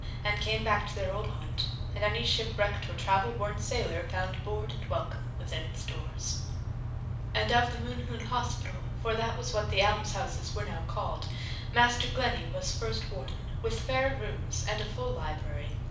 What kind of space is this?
A mid-sized room (about 5.7 m by 4.0 m).